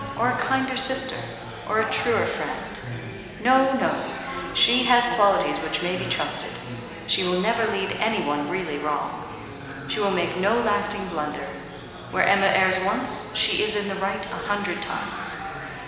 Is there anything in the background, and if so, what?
Crowd babble.